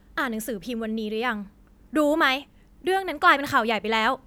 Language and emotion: Thai, angry